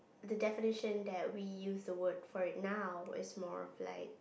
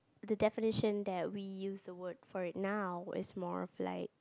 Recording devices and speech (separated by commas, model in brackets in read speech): boundary microphone, close-talking microphone, conversation in the same room